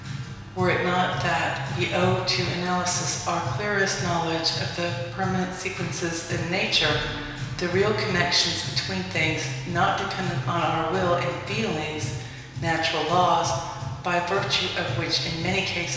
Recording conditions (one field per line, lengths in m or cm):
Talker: one person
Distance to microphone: 1.7 m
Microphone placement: close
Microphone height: 1.0 m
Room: very reverberant, large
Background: music